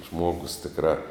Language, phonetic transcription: Lithuanian, ˈžmogus tikˈrā

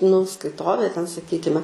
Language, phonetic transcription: Lithuanian, nu skaiˈtovė ten saˈkykime

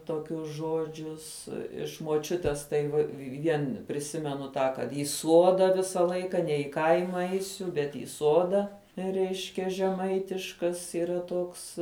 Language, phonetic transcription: Lithuanian, toˈkius ˈžodžius iš moˈčiutės tai va ˈvien priˈsimenu tą kad i ˈsuoda ˈvisa ˈlaika ne i ˈkaima ˈeisiu bet į ˈsoda ˈreiškia žeˈmaitiškas yˈra ˈtoks

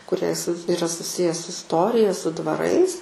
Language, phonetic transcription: Lithuanian, kuˈrie s iˈra suˈsije su isˈtorija su dvaˈrais

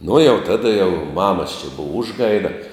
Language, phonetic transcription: Lithuanian, nu jau ˈtada jau ˈmamas čia ˈbuva ˈužˌgaida

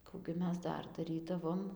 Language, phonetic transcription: Lithuanian, ˈkų gi ˈmes ˈdar daˈrydavom

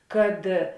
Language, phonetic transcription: Lithuanian, kad

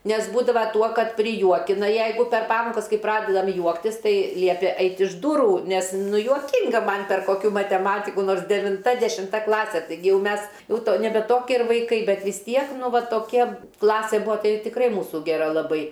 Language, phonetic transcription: Lithuanian, nes ˈbūdava ˈtuo ˈkad priˈjuokina ˈjeigu per ˈpamokas ˈkai ˈpradedam ˈjuoktis ˈtai ˈliepė ˈeiti iš ˈduru nes ˈnu juoˈkinga ˈman per koˈkių mateˈmatiku ˈnors devinˈta dešimˈta ˈklase taiˈgi ˈjau ˈmes ˈjau ˈto neˈbe ˈtokie ir vaiˈkai ˈbet vis ˈtiek ˈnu ˈva toˈkia ˈklasė ˈbuo ˈtai tikˈrai ˈmūsu geˈra laˈbai

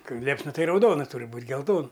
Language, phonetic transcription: Lithuanian, ˈkai ˈliepsna ˈtai rauˈdona ˈturi ˈbūt' gelˈton

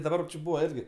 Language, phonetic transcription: Lithuanian, daˈbar či ˈbūva ˈirgi

